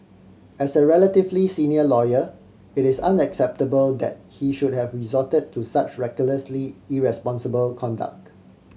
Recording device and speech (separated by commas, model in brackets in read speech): mobile phone (Samsung C7100), read sentence